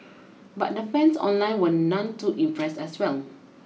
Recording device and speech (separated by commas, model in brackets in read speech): mobile phone (iPhone 6), read sentence